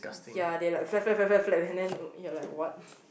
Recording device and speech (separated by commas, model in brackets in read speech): boundary microphone, conversation in the same room